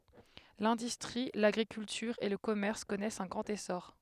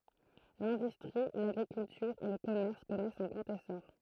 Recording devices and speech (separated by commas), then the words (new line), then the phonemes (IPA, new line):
headset microphone, throat microphone, read sentence
L'industrie, l'agriculture et le commerce connaissent un grand essor.
lɛ̃dystʁi laɡʁikyltyʁ e lə kɔmɛʁs kɔnɛst œ̃ ɡʁɑ̃t esɔʁ